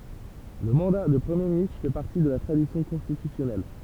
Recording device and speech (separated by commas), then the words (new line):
temple vibration pickup, read sentence
Le mandat de Premier ministre fait partie de la tradition constitutionnelle.